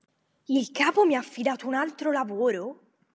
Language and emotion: Italian, surprised